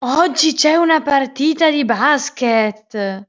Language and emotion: Italian, surprised